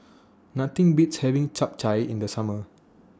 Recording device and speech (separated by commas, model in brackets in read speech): standing microphone (AKG C214), read sentence